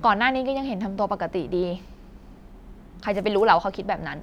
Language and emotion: Thai, frustrated